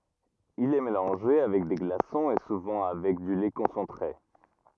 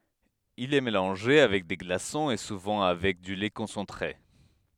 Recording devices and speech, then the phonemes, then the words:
rigid in-ear microphone, headset microphone, read sentence
il ɛ melɑ̃ʒe avɛk de ɡlasɔ̃z e suvɑ̃ avɛk dy lɛ kɔ̃sɑ̃tʁe
Il est mélangé avec des glaçons et souvent avec du lait concentré.

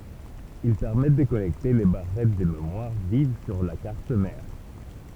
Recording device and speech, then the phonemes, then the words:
temple vibration pickup, read sentence
il pɛʁmɛt də kɔnɛkte le baʁɛt də memwaʁ viv syʁ la kaʁt mɛʁ
Ils permettent de connecter les barrettes de mémoire vive sur la carte mère.

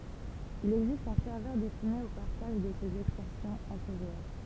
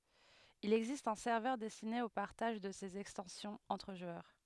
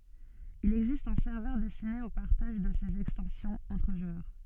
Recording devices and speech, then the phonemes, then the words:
temple vibration pickup, headset microphone, soft in-ear microphone, read sentence
il ɛɡzist œ̃ sɛʁvœʁ dɛstine o paʁtaʒ də sez ɛkstɑ̃sjɔ̃z ɑ̃tʁ ʒwœʁ
Il existe un serveur destiné au partage de ces extensions entre joueurs.

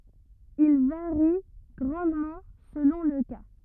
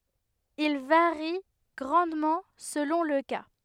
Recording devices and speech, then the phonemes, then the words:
rigid in-ear microphone, headset microphone, read sentence
il vaʁi ɡʁɑ̃dmɑ̃ səlɔ̃ lə ka
Il varie grandement selon le cas.

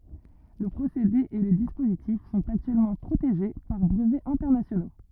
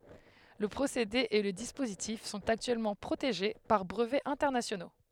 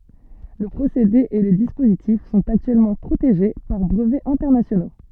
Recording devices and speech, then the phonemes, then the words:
rigid in-ear microphone, headset microphone, soft in-ear microphone, read sentence
lə pʁosede e lə dispozitif sɔ̃t aktyɛlmɑ̃ pʁoteʒe paʁ bʁəvɛz ɛ̃tɛʁnasjono
Le procédé et le dispositif sont actuellement protégés par brevets internationaux.

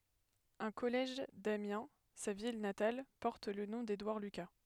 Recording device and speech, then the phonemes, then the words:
headset microphone, read sentence
œ̃ kɔlɛʒ damjɛ̃ sa vil natal pɔʁt lə nɔ̃ dedwaʁ lyka
Un collège d'Amiens, sa ville natale, porte le nom d'Édouard Lucas.

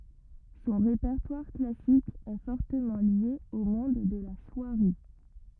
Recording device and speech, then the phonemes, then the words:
rigid in-ear microphone, read sentence
sɔ̃ ʁepɛʁtwaʁ klasik ɛ fɔʁtəmɑ̃ lje o mɔ̃d də la swaʁi
Son répertoire classique est fortement lié au monde de la soierie.

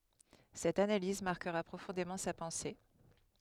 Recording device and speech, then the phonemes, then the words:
headset microphone, read sentence
sɛt analiz maʁkəʁa pʁofɔ̃demɑ̃ sa pɑ̃se
Cette analyse marquera profondément sa pensée.

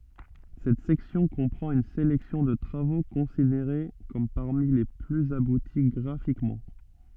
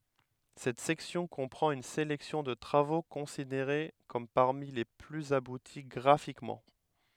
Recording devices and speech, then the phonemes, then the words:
soft in-ear microphone, headset microphone, read sentence
sɛt sɛksjɔ̃ kɔ̃pʁɑ̃t yn selɛksjɔ̃ də tʁavo kɔ̃sideʁe kɔm paʁmi le plyz abuti ɡʁafikmɑ̃
Cette section comprend une sélection de travaux considérés comme parmi les plus aboutis graphiquement.

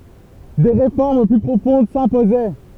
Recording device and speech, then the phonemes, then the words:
temple vibration pickup, read sentence
de ʁefɔʁm ply pʁofɔ̃d sɛ̃pozɛ
Des réformes plus profondes s'imposaient.

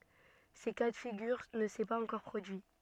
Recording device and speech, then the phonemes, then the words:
soft in-ear microphone, read sentence
sə ka də fiɡyʁ nə sɛ paz ɑ̃kɔʁ pʁodyi
Ce cas de figure ne s'est pas encore produit.

